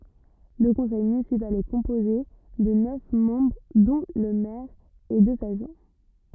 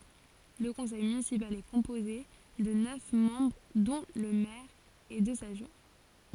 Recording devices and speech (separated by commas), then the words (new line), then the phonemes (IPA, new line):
rigid in-ear microphone, forehead accelerometer, read sentence
Le conseil municipal est composé de neuf membres dont le maire et deux adjoints.
lə kɔ̃sɛj mynisipal ɛ kɔ̃poze də nœf mɑ̃bʁ dɔ̃ lə mɛʁ e døz adʒwɛ̃